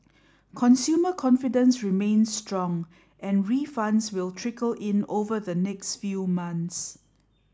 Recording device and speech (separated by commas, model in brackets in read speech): standing microphone (AKG C214), read sentence